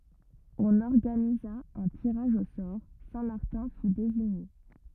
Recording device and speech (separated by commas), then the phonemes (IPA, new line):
rigid in-ear microphone, read sentence
ɔ̃n ɔʁɡaniza œ̃ tiʁaʒ o sɔʁ sɛ̃ maʁtɛ̃ fy deziɲe